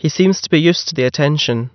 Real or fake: real